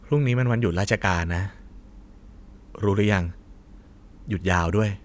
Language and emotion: Thai, neutral